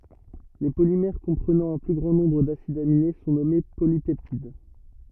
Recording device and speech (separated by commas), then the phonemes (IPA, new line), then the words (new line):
rigid in-ear microphone, read sentence
le polimɛʁ kɔ̃pʁənɑ̃ œ̃ ply ɡʁɑ̃ nɔ̃bʁ dasidz amine sɔ̃ nɔme polipɛptid
Les polymères comprenant un plus grand nombre d’acides aminés sont nommés polypeptides.